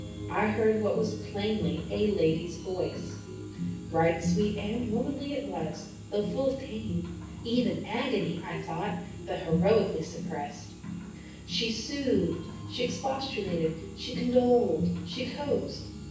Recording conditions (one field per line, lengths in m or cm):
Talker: one person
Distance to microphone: 9.8 m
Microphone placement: far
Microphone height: 1.8 m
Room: large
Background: music